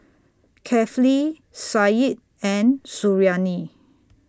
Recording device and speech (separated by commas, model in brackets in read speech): standing microphone (AKG C214), read sentence